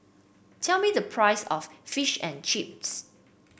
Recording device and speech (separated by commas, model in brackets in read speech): boundary microphone (BM630), read sentence